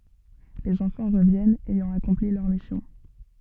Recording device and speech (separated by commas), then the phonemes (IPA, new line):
soft in-ear microphone, read sentence
lez ɑ̃fɑ̃ ʁəvjɛnt ɛjɑ̃ akɔ̃pli lœʁ misjɔ̃